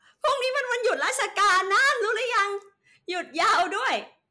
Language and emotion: Thai, happy